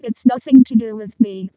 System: VC, vocoder